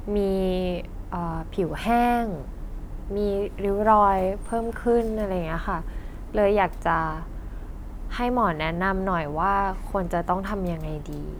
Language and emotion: Thai, frustrated